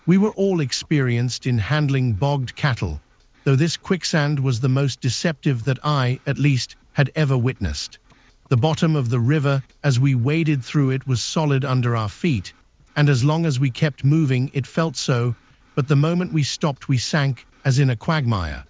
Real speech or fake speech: fake